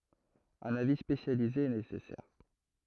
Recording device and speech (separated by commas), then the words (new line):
throat microphone, read sentence
Un avis spécialisé est nécessaire.